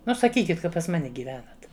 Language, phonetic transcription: Lithuanian, ˈnu saˈkykit ˈka pas ˈmane gyˈvenat

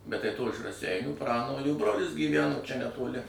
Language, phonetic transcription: Lithuanian, bet tai to iš raˈseinių ˈpranolių ˈbrolis gyˈveno čia netoˈli

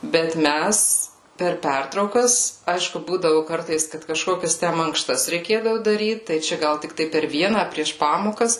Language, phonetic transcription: Lithuanian, bet ˈmæs per ˈpertraukas ˈaišku ˈbūdavu ˈkartais kad kaˈžkokias ten mankˈštas reiˈkėdavu daˈryt tai ˈčia ˈgal tikˈtai per ˈviena a prieš ˈpamokas

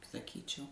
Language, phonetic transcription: Lithuanian, saˈkyčiau

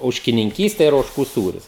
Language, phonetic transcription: Lithuanian, ožkininˈkyste ir ožˈkų ˈsūrius

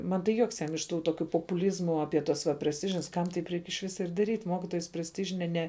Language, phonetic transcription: Lithuanian, ˈman tai ˈjuoks ˈjam iš ˈtų ˈtokiu poˈpūlyzmu aˈpie tas va presˈtižins ˈkam taip ˈreik iš ˈvisa ir daˈryt' ˈ ˈmokitojas presˈtižine ne

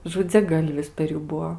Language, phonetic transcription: Lithuanian, žudziaˈgalvis per ˈjų ˈbuo

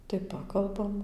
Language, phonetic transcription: Lithuanian, tai ˈpakalbam

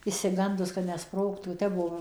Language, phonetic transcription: Lithuanian, išsiˈgandus ka neˈsprogtų ˈtep ˈbuvom

